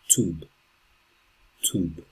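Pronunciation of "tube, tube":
'Tube' is said twice in American English, and each time it ends in a voiced b sound.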